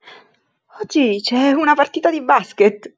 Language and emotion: Italian, surprised